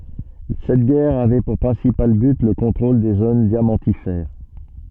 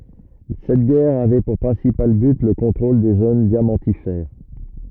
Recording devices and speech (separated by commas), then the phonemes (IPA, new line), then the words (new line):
soft in-ear microphone, rigid in-ear microphone, read sentence
sɛt ɡɛʁ avɛ puʁ pʁɛ̃sipal byt lə kɔ̃tʁol de zon djamɑ̃tifɛʁ
Cette guerre avait pour principal but le contrôle des zones diamantifères.